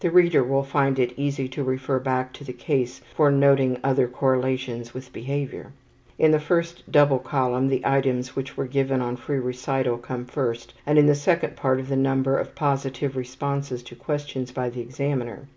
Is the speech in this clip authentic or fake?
authentic